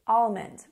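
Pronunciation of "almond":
In 'almond', the L is said slightly, not dropped.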